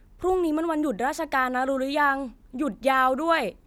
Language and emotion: Thai, frustrated